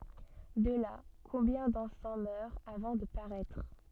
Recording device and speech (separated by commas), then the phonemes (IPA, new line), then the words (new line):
soft in-ear microphone, read sentence
də la kɔ̃bjɛ̃ dɑ̃fɑ̃ mœʁt avɑ̃ də paʁɛtʁ
De là, combien d'enfants meurent avant de paraître.